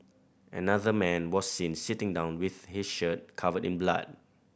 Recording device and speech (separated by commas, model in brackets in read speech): boundary microphone (BM630), read sentence